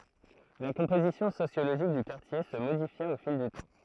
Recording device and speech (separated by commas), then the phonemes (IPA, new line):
throat microphone, read sentence
la kɔ̃pozisjɔ̃ sosjoloʒik dy kaʁtje sə modifja o fil dy tɑ̃